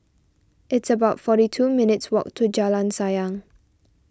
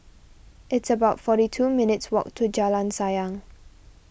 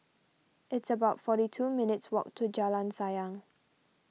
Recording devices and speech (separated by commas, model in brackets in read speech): standing microphone (AKG C214), boundary microphone (BM630), mobile phone (iPhone 6), read sentence